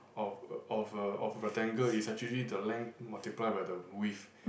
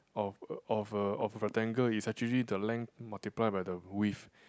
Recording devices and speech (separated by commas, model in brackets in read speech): boundary microphone, close-talking microphone, conversation in the same room